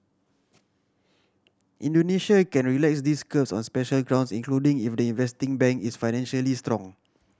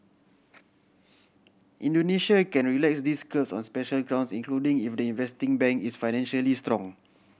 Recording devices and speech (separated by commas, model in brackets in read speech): standing microphone (AKG C214), boundary microphone (BM630), read sentence